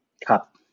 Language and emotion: Thai, neutral